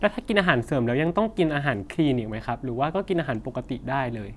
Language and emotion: Thai, neutral